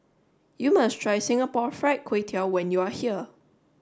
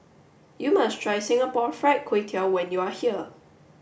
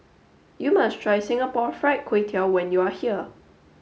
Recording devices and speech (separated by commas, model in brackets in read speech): standing microphone (AKG C214), boundary microphone (BM630), mobile phone (Samsung S8), read sentence